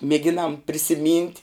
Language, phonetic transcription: Lithuanian, mėˈginam prisiˈmynt'

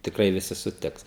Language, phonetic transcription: Lithuanian, tikˈrai viˈsi suˈtiks

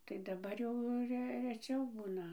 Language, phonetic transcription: Lithuanian, tai daˈbar jau ˈre reˈčiau ˈbūna

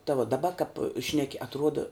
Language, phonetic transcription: Lithuanian, ta vuo daˈba kap ˈšneki atˈruoda

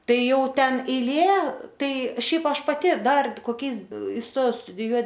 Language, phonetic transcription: Lithuanian, ˈtai ˈjauˈten eiˈlė ˈtai ˈšiaip ˈaš paˈti ˈdar koˈkiais isˈtojau studiˈjuo

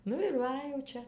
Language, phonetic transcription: Lithuanian, ˈnu ir ˈva jau ˈčia

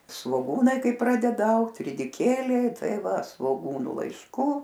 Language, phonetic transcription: Lithuanian, svoˈgūnai ˈkai ˈpradeda ˈaugt ridiˈkėliai ˈtai ˈva svoˈgūnu laišˈkų

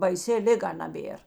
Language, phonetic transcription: Lithuanian, baiˈsi ˈliˌga naˈbėr

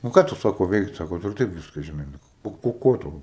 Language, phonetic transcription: Lithuanian, nu ˈką tu ˈsako ˈveiksi ˈsako ˈtu ir ˈtaip ˈviska žiˈnai ˈnu o o ˈko ˈtau

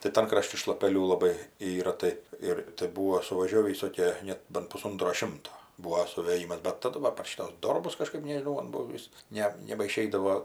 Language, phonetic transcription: Lithuanian, tai ˈtan kraˈšti šlapeˈlių laˈbai ˈyra ˈtai ir tai ˈbūvo suvaˈžiovį viˈsokie ˈnet ˈbant puˈsontro ˈšimto ˈbūo suvėˈjymas bet taˈdu va par ˈšytus ˈdorbus kaˈžkaip nežiˈnau man ˈbuo ˈvis ˈne nebaˈšeidavo

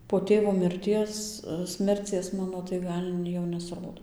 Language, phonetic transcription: Lithuanian, po ˈtėvo mirˈties ˈsmercies ˈmano tai ˈgal' jau nesˈrodo

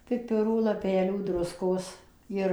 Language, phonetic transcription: Lithuanian, piˈpirų laˈpelių ˈdruskos ˈjir

